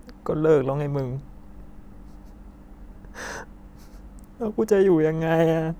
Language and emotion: Thai, sad